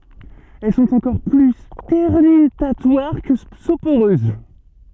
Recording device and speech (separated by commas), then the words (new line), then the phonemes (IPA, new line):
soft in-ear microphone, read sentence
Elles sont encore plus sternutatoires que soporeuses.
ɛl sɔ̃t ɑ̃kɔʁ ply stɛʁnytatwaʁ kə sopoʁøz